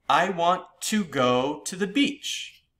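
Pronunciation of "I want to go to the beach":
In 'I want to go to the beach', the emphasis is on 'to go'.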